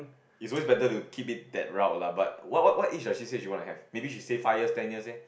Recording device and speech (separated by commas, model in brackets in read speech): boundary microphone, conversation in the same room